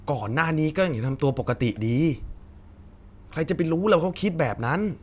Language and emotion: Thai, frustrated